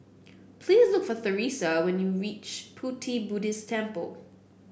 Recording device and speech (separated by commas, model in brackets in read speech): boundary microphone (BM630), read sentence